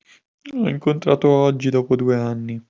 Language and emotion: Italian, sad